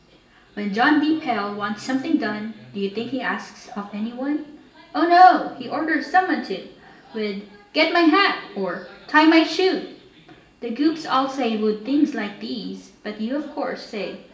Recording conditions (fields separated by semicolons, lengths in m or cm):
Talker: one person; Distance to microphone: 1.8 m; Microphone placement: close; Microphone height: 1.0 m; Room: large; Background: television